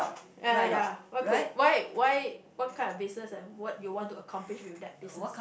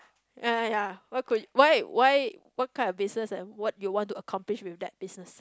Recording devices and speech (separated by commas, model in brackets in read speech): boundary microphone, close-talking microphone, conversation in the same room